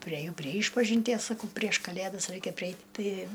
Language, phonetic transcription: Lithuanian, prieˈjau prie ˈyšpažinties saˈkau prieš ˈkalėdas ˈraikia priˈeit' ˈti

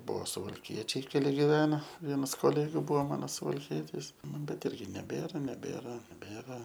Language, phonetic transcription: Lithuanian, ˈbuo suvalˈkiečiai keˈli giˈvena ˈvienas koˈlegiu ˈbuo ˈmano suvalˈkietis ˈnu bet ˈirgi neˈbėra neˈbėra neˈbėra

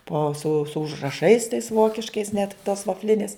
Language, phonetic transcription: Lithuanian, po su su užraˈšais tais ˈvokiškais net tos vafˈlinės

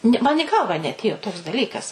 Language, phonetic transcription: Lithuanian, ˈni man i ˈgalvą neatˈėjo toks daˈlykas

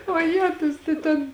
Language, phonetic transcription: Lithuanian, oˈjetus tai ˈten

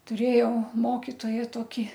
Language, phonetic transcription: Lithuanian, tuˈrėjau ˈmokitoją ˈtoki

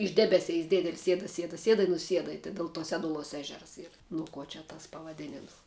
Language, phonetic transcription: Lithuanian, iš ˈdebeˌseis ˈdėdel' ˈsieda ˈsieda ˈsieda i nuˈsieda i tai del ˈtuo ˈseduˌluos ˈežers ˈyr ˈnu ˌkuo čia ˈtas pavaˈdėnims

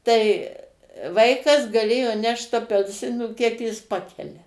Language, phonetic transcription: Lithuanian, tai ˈvaikas gaˈlėjo ˈnešt apelˈsinų ˈkiek jis ˈpakelia

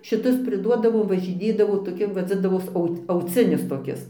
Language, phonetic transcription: Lithuanian, šiˈtus priˈduodavom važiˈnėdavo toˈki vadzindavos ˈaut auˈcinis toˈkis

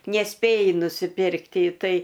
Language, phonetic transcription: Lithuanian, neˈspėji nusiˈpirkt i ˈtai

